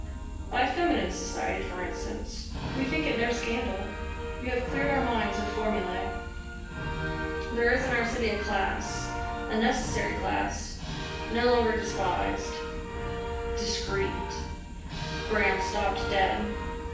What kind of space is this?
A sizeable room.